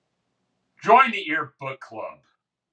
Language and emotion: English, sad